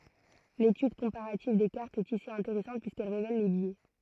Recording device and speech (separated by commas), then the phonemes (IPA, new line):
throat microphone, read sentence
letyd kɔ̃paʁativ de kaʁtz ɛt isi ɛ̃teʁɛsɑ̃t pyiskɛl ʁevɛl le bjɛ